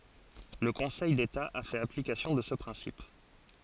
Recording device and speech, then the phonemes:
forehead accelerometer, read sentence
lə kɔ̃sɛj deta a fɛt aplikasjɔ̃ də sə pʁɛ̃sip

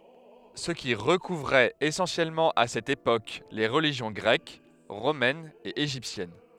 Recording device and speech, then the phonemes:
headset microphone, read sentence
sə ki ʁəkuvʁɛt esɑ̃sjɛlmɑ̃ a sɛt epok le ʁəliʒjɔ̃ ɡʁɛk ʁomɛn e eʒiptjɛn

